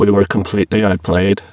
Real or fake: fake